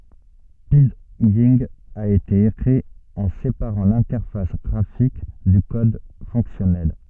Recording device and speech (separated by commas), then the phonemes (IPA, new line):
soft in-ear microphone, read sentence
pidʒɛ̃ a ete ekʁi ɑ̃ sepaʁɑ̃ lɛ̃tɛʁfas ɡʁafik dy kɔd fɔ̃ksjɔnɛl